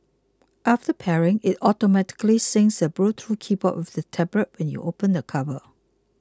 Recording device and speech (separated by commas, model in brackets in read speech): close-talking microphone (WH20), read sentence